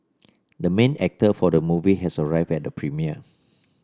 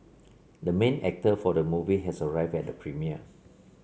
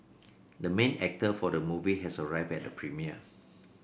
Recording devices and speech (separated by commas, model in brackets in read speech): standing microphone (AKG C214), mobile phone (Samsung C7), boundary microphone (BM630), read sentence